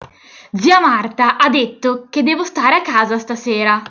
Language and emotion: Italian, angry